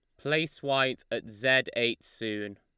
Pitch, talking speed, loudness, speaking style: 120 Hz, 150 wpm, -29 LUFS, Lombard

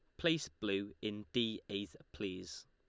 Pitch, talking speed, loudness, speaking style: 105 Hz, 145 wpm, -40 LUFS, Lombard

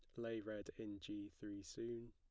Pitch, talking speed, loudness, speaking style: 105 Hz, 190 wpm, -50 LUFS, plain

